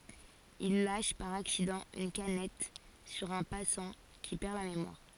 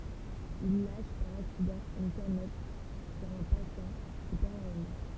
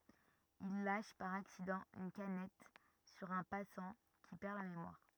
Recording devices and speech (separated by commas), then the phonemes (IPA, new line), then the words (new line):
forehead accelerometer, temple vibration pickup, rigid in-ear microphone, read sentence
il laʃ paʁ aksidɑ̃ yn kanɛt syʁ œ̃ pasɑ̃ ki pɛʁ la memwaʁ
Il lâche par accident une canette sur un passant, qui perd la mémoire...